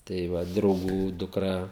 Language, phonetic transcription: Lithuanian, tai ˈva drauˈgų dukˈra

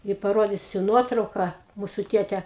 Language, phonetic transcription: Lithuanian, i paˈrodysiu ˈnuotrauka ˈmūsu ˈtėte

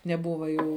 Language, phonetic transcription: Lithuanian, neˈbuva ˈjų

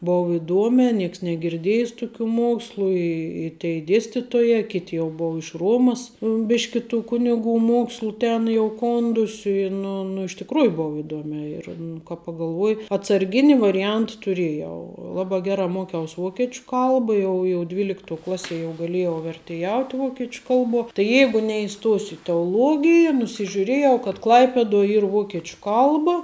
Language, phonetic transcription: Lithuanian, ˈbou iˈduomē ˈnieks negirˈdėjis ˈtukiu ˈmuokslu ˈi i tei ˈdėstitojā ˈkit' jau ˈbou iš ˈruomas ˈbiški tų ˈkuniˌgų ˈmokslu ˈten jau ˈkondusiu i ˈnu nu iš tikˈrųju ˈbov iˈduomiā ir nu kāp pagalˈvuoji atsarˈgini variˈjant tuˈrėjau ˈlabā ˈgerā ˈmokiaus ˈvokečiu ˈkalba ˈjau jau ˈdvyliktuo ˈklaˌsie jau gaˈlėjau vertėˈjaut' ˈvokiečiu ˈkalbuo tai ˈjeigu neiˈstosiu i teoˈlogija nusižiuˈrėjau kad ˈklaipeduo ˈyr ˈvokiečiu ˈkalba

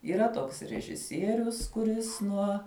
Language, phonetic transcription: Lithuanian, yˈra ˈtoks režiˈsierius kuˈris ˈnuo

